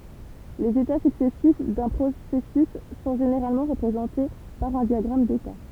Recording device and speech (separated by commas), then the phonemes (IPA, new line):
temple vibration pickup, read sentence
lez eta syksɛsif dœ̃ pʁosɛsys sɔ̃ ʒeneʁalmɑ̃ ʁəpʁezɑ̃te paʁ œ̃ djaɡʁam deta